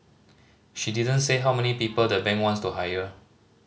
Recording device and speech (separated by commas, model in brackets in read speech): mobile phone (Samsung C5010), read sentence